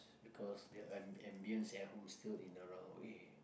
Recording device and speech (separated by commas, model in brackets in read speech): boundary microphone, conversation in the same room